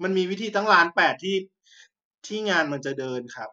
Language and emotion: Thai, frustrated